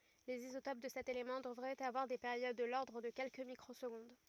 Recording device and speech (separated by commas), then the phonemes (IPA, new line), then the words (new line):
rigid in-ear microphone, read sentence
lez izotop də sɛt elemɑ̃ dəvʁɛt avwaʁ de peʁjod də lɔʁdʁ də kɛlkə mikʁozɡɔ̃d
Les isotopes de cet élément devraient avoir des périodes de l'ordre de quelques microsecondes.